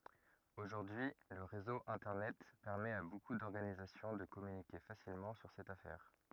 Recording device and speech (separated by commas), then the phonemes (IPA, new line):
rigid in-ear microphone, read sentence
oʒuʁdyi lə ʁezo ɛ̃tɛʁnɛt pɛʁmɛt a boku dɔʁɡanizasjɔ̃ də kɔmynike fasilmɑ̃ syʁ sɛt afɛʁ